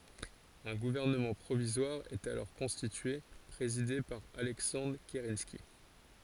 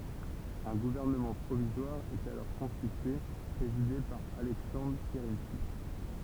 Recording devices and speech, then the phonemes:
forehead accelerometer, temple vibration pickup, read sentence
œ̃ ɡuvɛʁnəmɑ̃ pʁovizwaʁ ɛt alɔʁ kɔ̃stitye pʁezide paʁ alɛksɑ̃dʁ kəʁɑ̃ski

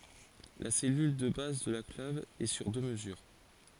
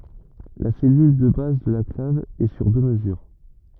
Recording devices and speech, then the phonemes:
forehead accelerometer, rigid in-ear microphone, read sentence
la sɛlyl də baz də la klav ɛ syʁ dø məzyʁ

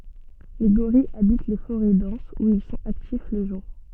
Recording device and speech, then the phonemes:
soft in-ear microphone, read sentence
le ɡoʁijz abit le foʁɛ dɑ̃sz u il sɔ̃t aktif lə ʒuʁ

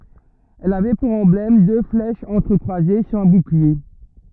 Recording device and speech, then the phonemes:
rigid in-ear microphone, read sentence
ɛl avɛ puʁ ɑ̃blɛm dø flɛʃz ɑ̃tʁəkʁwaze syʁ œ̃ buklie

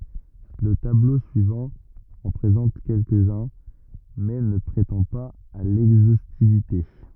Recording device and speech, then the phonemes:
rigid in-ear microphone, read sentence
lə tablo syivɑ̃ ɑ̃ pʁezɑ̃t kɛlkəzœ̃ mɛ nə pʁetɑ̃ paz a lɛɡzostivite

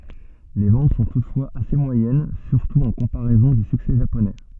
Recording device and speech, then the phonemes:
soft in-ear microphone, read sentence
le vɑ̃t sɔ̃ tutfwaz ase mwajɛn syʁtu ɑ̃ kɔ̃paʁɛzɔ̃ dy syksɛ ʒaponɛ

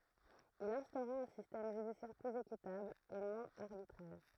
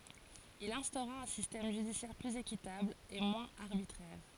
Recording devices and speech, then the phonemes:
throat microphone, forehead accelerometer, read sentence
il ɛ̃stoʁa œ̃ sistɛm ʒydisjɛʁ plyz ekitabl e mwɛ̃z aʁbitʁɛʁ

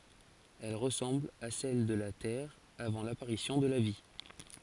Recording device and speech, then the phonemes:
forehead accelerometer, read sentence
ɛl ʁəsɑ̃bl a sɛl də la tɛʁ avɑ̃ lapaʁisjɔ̃ də la vi

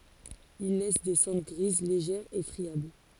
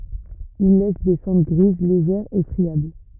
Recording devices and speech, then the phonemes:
forehead accelerometer, rigid in-ear microphone, read sentence
il lɛs de sɑ̃dʁ ɡʁiz leʒɛʁz e fʁiabl

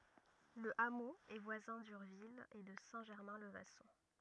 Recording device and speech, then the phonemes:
rigid in-ear microphone, read sentence
lə amo ɛ vwazɛ̃ dyʁvil e də sɛ̃ ʒɛʁmɛ̃ lə vasɔ̃

